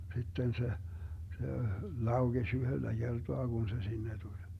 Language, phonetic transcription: Finnish, 'sitten se , se , "lauGeś 'yhöllä 'Gertoa Gun se 'sinne tuĺ .
- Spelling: sitten se se laukesi yhdellä kertaa kun se sinne tuli

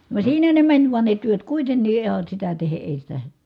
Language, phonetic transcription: Finnish, vaᵉ siinä ne mäń vuan ne työt kuitennii ihan̬ sitä tehe ʼèi sitä ,.
- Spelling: vaan siinä ne meni vain ne työt kuitenkin ihan sitä tehden ei sitä

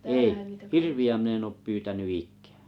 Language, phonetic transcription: Finnish, ei , "hirvi₍ä min ‿en oop 'pyytäny "ik̆ää .
- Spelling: ei hirviä minä en ole pyytänyt ikään

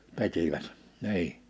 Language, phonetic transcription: Finnish, 'p̳etivät , 'ni̬i .
- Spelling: repivät niin

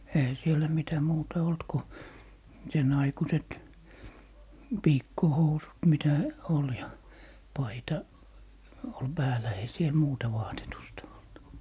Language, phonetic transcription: Finnish, "eihä sielä mitä muuta 'olt ko , 'sen ‿aikuset , "piikkohousut 'mitä , 'ol ja 'paita , ol "päälä ei 'siel "muuta 'vaatetusta olt .
- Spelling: eihän siellä mitä muuta ollut kun sen aikuiset piikkohousut mitä oli ja paita oli päällä ei siellä muuta vaatetusta ollut

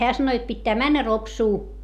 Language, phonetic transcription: Finnish, heä sano jot pittää männä Ropsuu .
- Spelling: hän sanoi jotta pitää mennä Ropsuun

